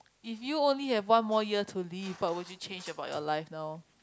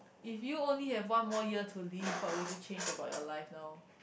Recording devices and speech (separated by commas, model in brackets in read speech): close-talking microphone, boundary microphone, conversation in the same room